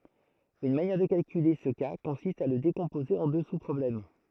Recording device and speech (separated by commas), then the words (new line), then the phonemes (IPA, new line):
throat microphone, read sentence
Une manière de calculer ce cas consiste à le décomposer en deux sous-problèmes.
yn manjɛʁ də kalkyle sə ka kɔ̃sist a lə dekɔ̃poze ɑ̃ dø suspʁɔblɛm